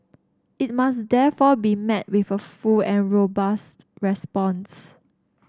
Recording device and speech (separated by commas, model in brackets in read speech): standing microphone (AKG C214), read sentence